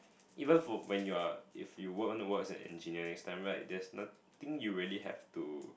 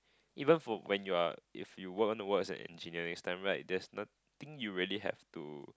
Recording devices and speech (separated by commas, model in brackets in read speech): boundary microphone, close-talking microphone, conversation in the same room